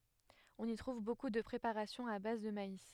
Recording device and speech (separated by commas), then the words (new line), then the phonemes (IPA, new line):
headset microphone, read sentence
On y trouve beaucoup de préparations à base de maïs.
ɔ̃n i tʁuv boku də pʁepaʁasjɔ̃z a baz də mais